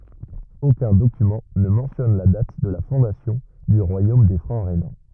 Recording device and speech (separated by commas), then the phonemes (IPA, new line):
rigid in-ear microphone, read sentence
okœ̃ dokymɑ̃ nə mɑ̃tjɔn la dat də la fɔ̃dasjɔ̃ dy ʁwajom de fʁɑ̃ ʁenɑ̃